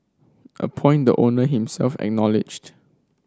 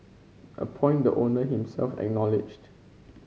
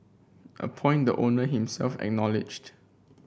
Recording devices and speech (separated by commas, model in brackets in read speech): standing microphone (AKG C214), mobile phone (Samsung C5), boundary microphone (BM630), read sentence